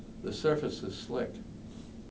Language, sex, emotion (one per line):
English
male
neutral